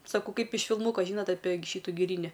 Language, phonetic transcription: Lithuanian, saˈkau ˈkaip iš filˈmūko žyˈnot apė ˈšytu giˈryni

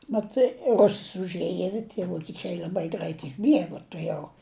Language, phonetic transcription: Lithuanian, maˈtai ˈruss užˈėja ir tie vokiˈčiai l'aˈbai ˈgrait išˈbiegu tuˈjau

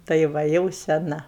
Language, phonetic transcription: Lithuanian, tai ˈva jau seˈna

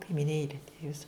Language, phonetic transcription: Lithuanian, kaimiˈnėli ˈjis

